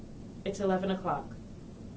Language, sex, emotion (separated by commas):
English, female, neutral